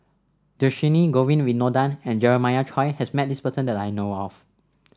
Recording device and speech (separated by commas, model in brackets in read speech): standing microphone (AKG C214), read sentence